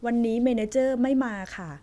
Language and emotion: Thai, neutral